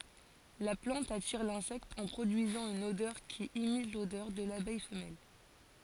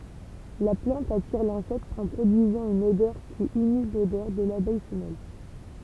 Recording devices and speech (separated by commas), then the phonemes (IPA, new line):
forehead accelerometer, temple vibration pickup, read sentence
la plɑ̃t atiʁ lɛ̃sɛkt ɑ̃ pʁodyizɑ̃ yn odœʁ ki imit lodœʁ də labɛj fəmɛl